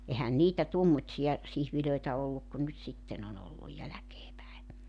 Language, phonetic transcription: Finnish, 'ehän 'niitä 'tuommotsija , 'sihvilöitä 'olluk ku nyt 'sitten ‿on ‿olluj 'jäläkee päe .
- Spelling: eihän niitä tuommoisia siivilöitä ollut kuin nyt sitten on ollut jälkeen päin

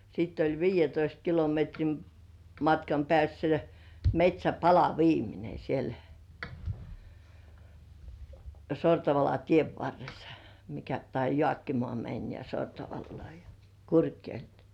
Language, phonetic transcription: Finnish, sitt ‿oĺ "viij̆jetoist 'kilometrim matkam pĕä̀ssä "met́śäpala 'viimine siel , 'Sortavala "tiev varressᴀ , mikä tai "Jŏàkkimŏà 'mäń ja 'Sortavallŏá ja , "Kurkjoḙl .
- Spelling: sitten oli viidentoista kilometrin matkan päässä metsäpala viimeinen siellä Sortavalan tien varressa mikä tai Jaakkimaan meni ja Sortavalaan ja Kurkijoelle

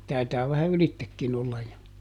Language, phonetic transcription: Finnish, ˈtaitaa vähä "ylittekkin ‿ollaj jo , joo .
- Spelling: taitaa vähän ylitsekin olla jo joo

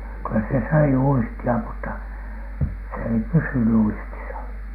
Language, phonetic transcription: Finnish, kyllä se 'söi "uisti₍a mutta , s ‿ei "pysyny 'uistisa .
- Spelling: kyllä se söi uistia mutta se ei pysynyt uistissa

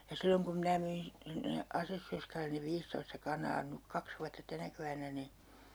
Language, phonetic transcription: Finnish, ja 'silloŋ kum 'minä myin , sinne , 'asessörskälen̆ ne 'viistoista 'kanaa nyk "kaks vuatta 'tänä kevännä ni ,.
- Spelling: ja silloin kun minä myin sinne asessorskalle ne viisitoista kanaa nyt kaksi vuotta tänä keväänä niin

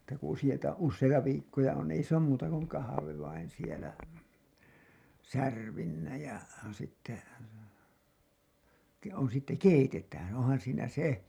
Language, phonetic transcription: Finnish, (et)tä ku usijoita , 'usseita 'viikkoja on 'ei s ‿oom muuta kuŋ "kahave vain sielä "särvinnä ja , sitte , ke- on sitte "keitetään 'onhan siinä 'se .
- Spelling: että kun useita useita viikkoja on ei se ole muuta kuin kahvi vain siellä särpimenä ja sitten - on sitten keitetään onhan siinä se

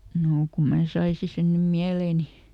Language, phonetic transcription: Finnish, ˈnoo ku ˈmää ˈsaisi sen nym "miälèni !
- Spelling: no kun minä saisin sen nyt mieleeni

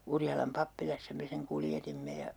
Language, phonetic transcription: Finnish, 'Urjalam "pappilassa 'me seŋ 'kuljetimme ja ,.
- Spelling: Urjalan pappilassa me sen kuljetimme ja

